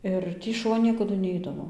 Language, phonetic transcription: Lithuanian, ˈir ˈtį šuˈva ˈniekadu ˈneidavo

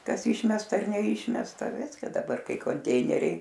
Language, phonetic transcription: Lithuanian, ˈkas ˈyšmesta ar neˈyšmesta ˈviska daˈbar ˈkai konˈteineriai

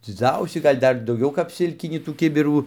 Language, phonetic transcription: Lithuanian, dziˈdzausį ˈgal' ˈdar dauˈgiau kap ˈsilkinį tų ˈkibirų

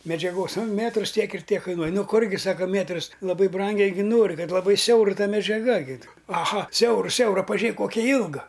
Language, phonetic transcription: Lithuanian, medžiaˈgos ˈmėtrus ˈtiek ir ˈtiek ˈkainuoj ˈnu ˈkurgi ˈsako ˈmėtrus laˈbai ˈbrangiai ˈgi ˈnori ˈkad laˈbai ˈsiaur ˈta medžiaˈga gi aˈha ˈsiauru ˈsiaura paˈžėk ˈkokia ˈjylga

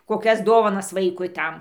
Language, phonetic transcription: Lithuanian, koˈkias ˈdovanas ˈvaikui ˈtam

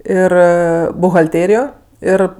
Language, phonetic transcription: Lithuanian, ˈir buhalˈtėrijo ˈir

